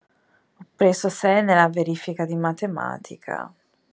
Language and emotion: Italian, sad